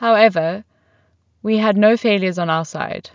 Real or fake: real